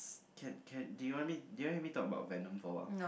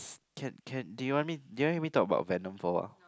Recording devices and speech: boundary microphone, close-talking microphone, conversation in the same room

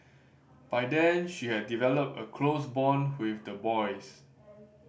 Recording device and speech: boundary microphone (BM630), read sentence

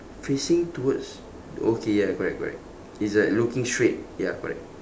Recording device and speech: standing microphone, conversation in separate rooms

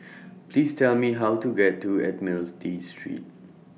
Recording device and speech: mobile phone (iPhone 6), read sentence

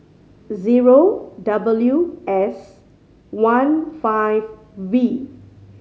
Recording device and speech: mobile phone (Samsung C5010), read sentence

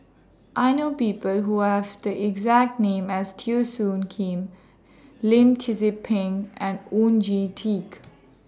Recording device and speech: standing microphone (AKG C214), read sentence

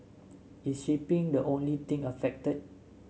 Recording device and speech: mobile phone (Samsung S8), read sentence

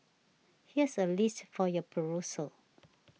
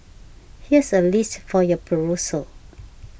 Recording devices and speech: mobile phone (iPhone 6), boundary microphone (BM630), read sentence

